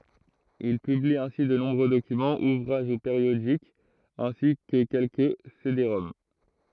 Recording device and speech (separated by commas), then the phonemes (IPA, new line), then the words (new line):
throat microphone, read sentence
il pybli ɛ̃si də nɔ̃bʁø dokymɑ̃z uvʁaʒ u peʁjodikz ɛ̃si kə kɛlkə sedeʁɔm
Il publie ainsi de nombreux documents, ouvrages ou périodiques, ainsi que quelques cédéroms.